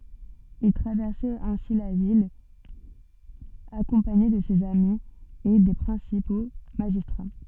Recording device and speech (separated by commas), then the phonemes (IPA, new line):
soft in-ear microphone, read sentence
il tʁavɛʁsɛt ɛ̃si la vil akɔ̃paɲe də sez ami e de pʁɛ̃sipo maʒistʁa